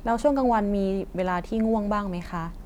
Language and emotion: Thai, neutral